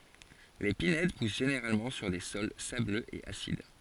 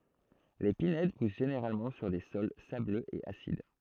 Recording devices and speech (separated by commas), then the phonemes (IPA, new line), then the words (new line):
forehead accelerometer, throat microphone, read sentence
le pinɛd pus ʒeneʁalmɑ̃ syʁ de sɔl sabløz e asid
Les pinèdes poussent généralement sur des sols sableux et acides.